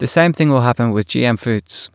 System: none